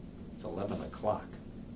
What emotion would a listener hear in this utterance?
neutral